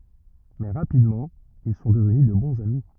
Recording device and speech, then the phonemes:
rigid in-ear microphone, read sentence
mɛ ʁapidmɑ̃ il sɔ̃ dəvny də bɔ̃z ami

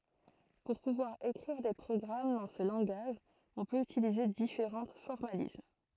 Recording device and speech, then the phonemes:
throat microphone, read sentence
puʁ puvwaʁ ekʁiʁ de pʁɔɡʁam dɑ̃ sə lɑ̃ɡaʒ ɔ̃ pøt ytilize difeʁɑ̃ fɔʁmalism

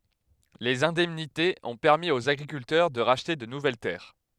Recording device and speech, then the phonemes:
headset microphone, read sentence
lez ɛ̃dɛmnitez ɔ̃ pɛʁmi oz aɡʁikyltœʁ də ʁaʃte də nuvɛl tɛʁ

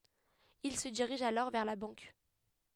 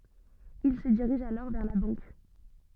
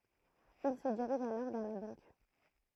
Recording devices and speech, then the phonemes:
headset microphone, soft in-ear microphone, throat microphone, read sentence
il sə diʁiʒ alɔʁ vɛʁ la bɑ̃k

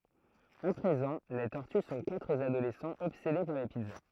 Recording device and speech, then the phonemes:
throat microphone, read sentence
a pʁezɑ̃ le tɔʁty sɔ̃ katʁ adolɛsɑ̃z ɔbsede paʁ le pizza

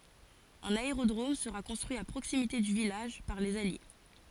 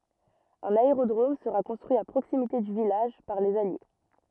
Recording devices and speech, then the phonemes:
forehead accelerometer, rigid in-ear microphone, read sentence
œ̃n aeʁodʁom səʁa kɔ̃stʁyi a pʁoksimite dy vilaʒ paʁ lez alje

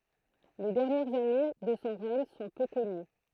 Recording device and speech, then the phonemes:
throat microphone, read sentence
le dɛʁnjɛʁz ane də sɔ̃ ʁɛɲ sɔ̃ pø kɔny

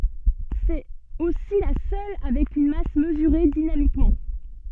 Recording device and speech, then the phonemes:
soft in-ear microphone, read sentence
sɛt osi la sœl avɛk yn mas məzyʁe dinamikmɑ̃

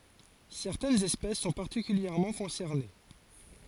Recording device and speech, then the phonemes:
forehead accelerometer, read sentence
sɛʁtɛnz ɛspɛs sɔ̃ paʁtikyljɛʁmɑ̃ kɔ̃sɛʁne

